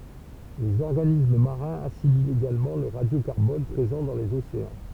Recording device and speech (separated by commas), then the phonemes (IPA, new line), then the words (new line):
temple vibration pickup, read sentence
lez ɔʁɡanism maʁɛ̃z asimilt eɡalmɑ̃ lə ʁadjokaʁbɔn pʁezɑ̃ dɑ̃ lez oseɑ̃
Les organismes marins assimilent également le radiocarbone présent dans les océans.